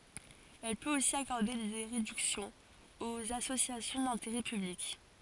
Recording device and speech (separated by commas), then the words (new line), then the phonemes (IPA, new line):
forehead accelerometer, read sentence
Elle peut aussi accorder des réductions aux associations d'intérêt public.
ɛl pøt osi akɔʁde de ʁedyksjɔ̃z oz asosjasjɔ̃ dɛ̃teʁɛ pyblik